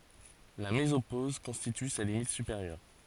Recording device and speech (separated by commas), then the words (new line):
forehead accelerometer, read sentence
La mésopause constitue sa limite supérieure.